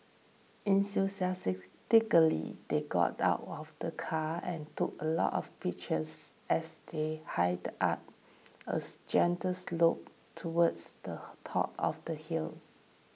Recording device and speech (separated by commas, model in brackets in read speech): mobile phone (iPhone 6), read sentence